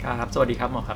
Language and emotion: Thai, neutral